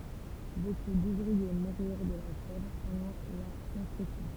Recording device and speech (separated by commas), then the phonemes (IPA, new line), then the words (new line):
temple vibration pickup, read sentence
boku duvʁie muʁyʁ də la fjɛvʁ pɑ̃dɑ̃ la kɔ̃stʁyksjɔ̃
Beaucoup d'ouvriers moururent de la fièvre pendant la construction.